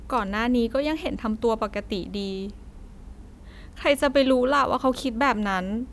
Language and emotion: Thai, sad